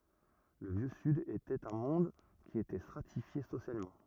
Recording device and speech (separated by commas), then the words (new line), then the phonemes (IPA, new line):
rigid in-ear microphone, read sentence
Le Vieux Sud était un monde qui était stratifié socialement.
lə vjø syd etɛt œ̃ mɔ̃d ki etɛ stʁatifje sosjalmɑ̃